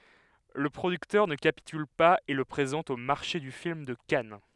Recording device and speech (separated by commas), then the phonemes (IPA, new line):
headset microphone, read sentence
lə pʁodyktœʁ nə kapityl paz e lə pʁezɑ̃t o maʁʃe dy film də kan